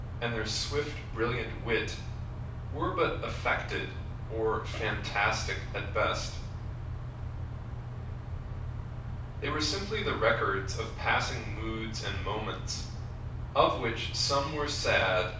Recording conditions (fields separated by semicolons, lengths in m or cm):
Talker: one person; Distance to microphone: 5.8 m; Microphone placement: far; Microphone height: 1.8 m; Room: medium-sized (5.7 m by 4.0 m); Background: none